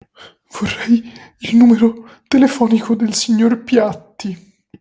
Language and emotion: Italian, fearful